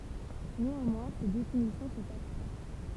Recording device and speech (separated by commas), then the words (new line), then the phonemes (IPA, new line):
temple vibration pickup, read sentence
Néanmoins, ces définitions sont abstraites.
neɑ̃mwɛ̃ se definisjɔ̃ sɔ̃t abstʁɛt